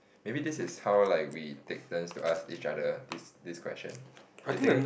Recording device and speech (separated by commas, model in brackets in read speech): boundary microphone, conversation in the same room